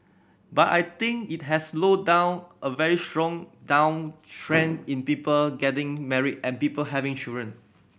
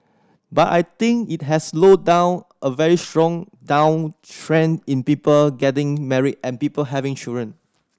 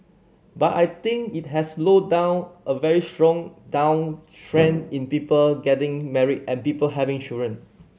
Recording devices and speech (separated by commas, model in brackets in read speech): boundary microphone (BM630), standing microphone (AKG C214), mobile phone (Samsung C7100), read sentence